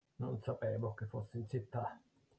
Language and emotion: Italian, disgusted